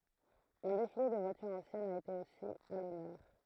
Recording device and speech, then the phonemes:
throat microphone, read sentence
œ̃ defile də vwatyʁz ɑ̃sjɛnz a ete osi a lɔnœʁ

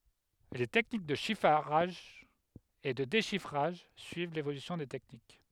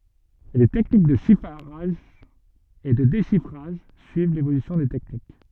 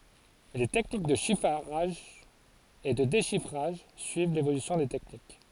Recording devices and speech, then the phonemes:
headset microphone, soft in-ear microphone, forehead accelerometer, read sentence
le tɛknik də ʃifʁaʒ e də deʃifʁaʒ syiv levolysjɔ̃ de tɛknik

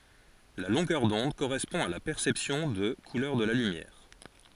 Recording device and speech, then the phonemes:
forehead accelerometer, read sentence
la lɔ̃ɡœʁ dɔ̃d koʁɛspɔ̃ a la pɛʁsɛpsjɔ̃ də kulœʁ də la lymjɛʁ

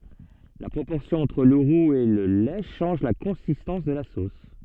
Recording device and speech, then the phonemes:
soft in-ear microphone, read sentence
la pʁopɔʁsjɔ̃ ɑ̃tʁ lə ʁuz e lə lɛ ʃɑ̃ʒ la kɔ̃sistɑ̃s də la sos

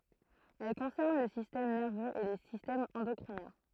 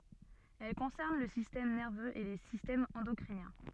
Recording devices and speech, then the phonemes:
throat microphone, soft in-ear microphone, read sentence
ɛl kɔ̃sɛʁn lə sistɛm nɛʁvøz e le sistɛmz ɑ̃dɔkʁinjɛ̃

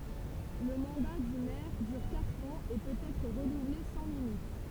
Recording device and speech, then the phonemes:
temple vibration pickup, read sentence
lə mɑ̃da dy mɛʁ dyʁ katʁ ɑ̃z e pøt ɛtʁ ʁənuvle sɑ̃ limit

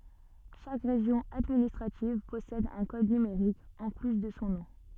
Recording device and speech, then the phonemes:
soft in-ear microphone, read sentence
ʃak ʁeʒjɔ̃ administʁativ pɔsɛd œ̃ kɔd nymeʁik ɑ̃ ply də sɔ̃ nɔ̃

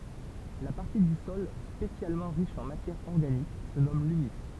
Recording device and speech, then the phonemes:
temple vibration pickup, read sentence
la paʁti dy sɔl spesjalmɑ̃ ʁiʃ ɑ̃ matjɛʁ ɔʁɡanik sə nɔm lymys

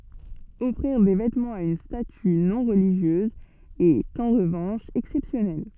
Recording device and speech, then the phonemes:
soft in-ear microphone, read sentence
ɔfʁiʁ de vɛtmɑ̃z a yn staty nɔ̃ ʁəliʒjøz ɛt ɑ̃ ʁəvɑ̃ʃ ɛksɛpsjɔnɛl

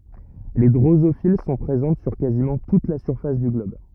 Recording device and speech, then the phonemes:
rigid in-ear microphone, read sentence
le dʁozofil sɔ̃ pʁezɑ̃t syʁ kazimɑ̃ tut la syʁfas dy ɡlɔb

